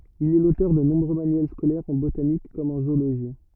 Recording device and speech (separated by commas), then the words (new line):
rigid in-ear microphone, read sentence
Il est l'auteur de nombreux manuels scolaires en botanique comme en zoologie.